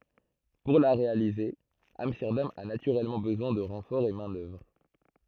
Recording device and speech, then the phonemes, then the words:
throat microphone, read sentence
puʁ la ʁealize amstɛʁdam a natyʁɛlmɑ̃ bəzwɛ̃ də ʁɑ̃fɔʁz ɑ̃ mɛ̃ dœvʁ
Pour la réaliser, Amsterdam a naturellement besoin de renforts en main-d'œuvre.

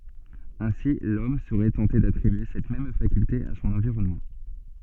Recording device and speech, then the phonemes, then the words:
soft in-ear microphone, read sentence
ɛ̃si lɔm səʁɛ tɑ̃te datʁibye sɛt mɛm fakylte a sɔ̃n ɑ̃viʁɔnmɑ̃
Ainsi l'homme serait tenté d'attribuer cette même faculté à son environnement.

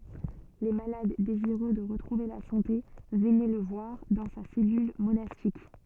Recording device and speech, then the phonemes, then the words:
soft in-ear microphone, read sentence
le malad deziʁø də ʁətʁuve la sɑ̃te vənɛ lə vwaʁ dɑ̃ sa sɛlyl monastik
Les malades désireux de retrouver la santé venaient le voir dans sa cellule monastique.

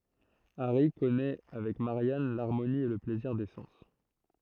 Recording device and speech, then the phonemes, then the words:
throat microphone, read sentence
aʁi kɔnɛ avɛk maʁjan laʁmoni e lə plɛziʁ de sɑ̃s
Harry connaît avec Marianne l'harmonie et le plaisir des sens.

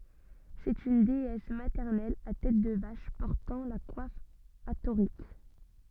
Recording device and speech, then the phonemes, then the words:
soft in-ear microphone, read sentence
sɛt yn deɛs matɛʁnɛl a tɛt də vaʃ pɔʁtɑ̃ la kwaf atoʁik
C'est une déesse maternelle à tête de vache portant la coiffe hathorique.

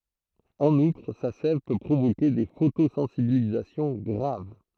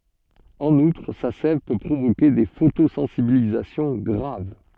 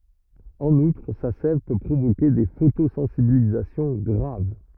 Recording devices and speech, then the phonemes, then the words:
throat microphone, soft in-ear microphone, rigid in-ear microphone, read sentence
ɑ̃n utʁ sa sɛv pø pʁovoke de fotosɑ̃sibilizasjɔ̃ ɡʁav
En outre, sa sève peut provoquer des photosensibilisations graves.

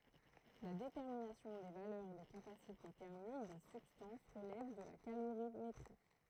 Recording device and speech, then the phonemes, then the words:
throat microphone, read sentence
la detɛʁminasjɔ̃ de valœʁ de kapasite tɛʁmik de sybstɑ̃s ʁəlɛv də la kaloʁimetʁi
La détermination des valeurs des capacités thermiques des substances relève de la calorimétrie.

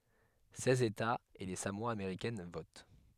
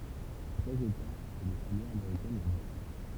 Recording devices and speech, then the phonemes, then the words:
headset microphone, temple vibration pickup, read sentence
sɛz etaz e le samoa ameʁikɛn vot
Seize États et les Samoa américaines votent.

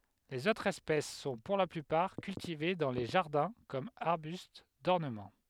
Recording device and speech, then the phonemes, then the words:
headset microphone, read sentence
lez otʁz ɛspɛs sɔ̃ puʁ la plypaʁ kyltive dɑ̃ le ʒaʁdɛ̃ kɔm aʁbyst dɔʁnəmɑ̃
Les autres espèces sont pour la plupart cultivées dans les jardins comme arbustes d'ornement.

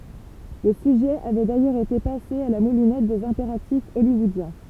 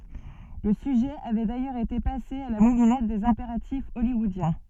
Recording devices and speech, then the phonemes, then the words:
temple vibration pickup, soft in-ear microphone, read sentence
lə syʒɛ avɛ dajœʁz ete pase a la mulinɛt dez ɛ̃peʁatif ɔljwɔodjɛ̃
Le sujet avait d'ailleurs été passé à la moulinette des impératifs hollywoodiens.

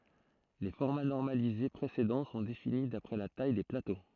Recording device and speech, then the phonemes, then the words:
throat microphone, read sentence
le fɔʁma nɔʁmalize pʁesedɑ̃ sɔ̃ defini dapʁɛ la taj de plato
Les formats normalisés précédents sont définis d’après la taille des plateaux.

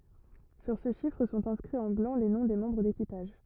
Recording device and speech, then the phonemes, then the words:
rigid in-ear microphone, read sentence
syʁ sə ʃifʁ sɔ̃t ɛ̃skʁiz ɑ̃ blɑ̃ le nɔ̃ de mɑ̃bʁ dekipaʒ
Sur ce chiffre sont inscrits en blanc les noms des membres d'équipage.

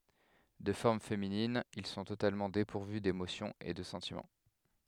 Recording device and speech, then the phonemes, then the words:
headset microphone, read sentence
də fɔʁm feminin il sɔ̃ totalmɑ̃ depuʁvy demosjɔ̃z e də sɑ̃timɑ̃
De forme féminine, ils sont totalement dépourvus d'émotions et de sentiments.

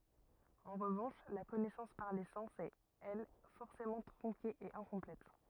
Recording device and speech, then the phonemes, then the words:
rigid in-ear microphone, read sentence
ɑ̃ ʁəvɑ̃ʃ la kɔnɛsɑ̃s paʁ le sɑ̃s ɛt ɛl fɔʁsemɑ̃ tʁɔ̃ke e ɛ̃kɔ̃plɛt
En revanche, la connaissance par les sens est, elle, forcément tronquée et incomplète.

